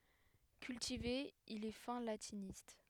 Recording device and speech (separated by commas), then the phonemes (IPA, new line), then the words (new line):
headset microphone, read sentence
kyltive il ɛ fɛ̃ latinist
Cultivé, il est fin latiniste.